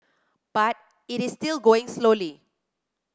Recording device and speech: close-talking microphone (WH30), read sentence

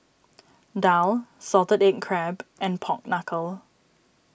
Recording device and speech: boundary microphone (BM630), read sentence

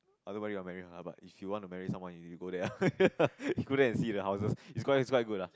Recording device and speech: close-talking microphone, conversation in the same room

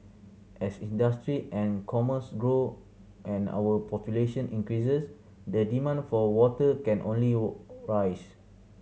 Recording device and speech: mobile phone (Samsung C7100), read sentence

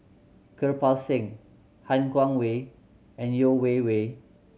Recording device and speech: mobile phone (Samsung C7100), read sentence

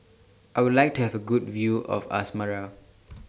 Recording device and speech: standing microphone (AKG C214), read sentence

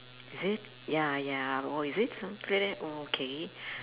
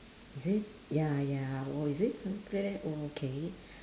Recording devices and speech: telephone, standing microphone, conversation in separate rooms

